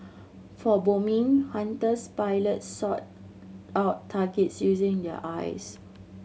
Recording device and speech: mobile phone (Samsung C7100), read sentence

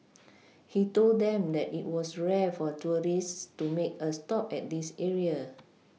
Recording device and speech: mobile phone (iPhone 6), read sentence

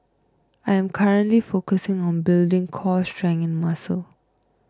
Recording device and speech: close-talking microphone (WH20), read sentence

